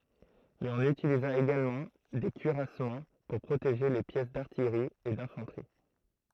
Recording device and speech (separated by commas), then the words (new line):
throat microphone, read sentence
Mais on utilisa également des cuirassements pour protéger les pièces d'artillerie et d'infanterie.